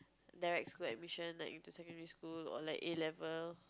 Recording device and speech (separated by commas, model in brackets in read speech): close-talking microphone, conversation in the same room